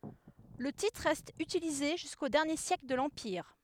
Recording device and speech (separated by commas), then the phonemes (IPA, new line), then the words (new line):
headset microphone, read sentence
lə titʁ ʁɛst ytilize ʒysko dɛʁnje sjɛkl də lɑ̃piʁ
Le titre reste utilisé jusqu'aux derniers siècles de l'empire.